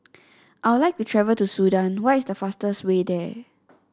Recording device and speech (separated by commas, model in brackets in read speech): standing microphone (AKG C214), read sentence